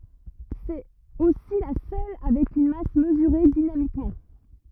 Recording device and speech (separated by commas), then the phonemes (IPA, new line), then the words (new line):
rigid in-ear microphone, read sentence
sɛt osi la sœl avɛk yn mas məzyʁe dinamikmɑ̃
C'est aussi la seule avec une masse mesurée dynamiquement.